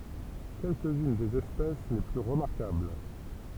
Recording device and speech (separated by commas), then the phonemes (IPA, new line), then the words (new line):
temple vibration pickup, read sentence
kɛlkəz yn dez ɛspɛs le ply ʁəmaʁkabl
Quelques-unes des espèces les plus remarquables.